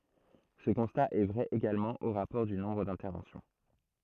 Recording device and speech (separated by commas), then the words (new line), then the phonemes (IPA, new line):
throat microphone, read sentence
Ce constat est vrai également au rapport du nombre d'interventions.
sə kɔ̃sta ɛ vʁɛ eɡalmɑ̃ o ʁapɔʁ dy nɔ̃bʁ dɛ̃tɛʁvɑ̃sjɔ̃